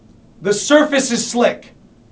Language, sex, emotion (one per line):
English
male
angry